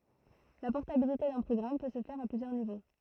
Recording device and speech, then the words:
throat microphone, read sentence
La portabilité d'un programme peut se faire à plusieurs niveaux.

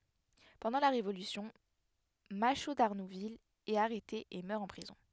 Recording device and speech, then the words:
headset microphone, read sentence
Pendant la Révolution, Machault d'Arnouville est arrêté et meurt en prison.

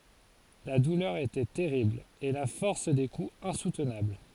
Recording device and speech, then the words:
forehead accelerometer, read sentence
La douleur était terrible, et la force des coups insoutenable.

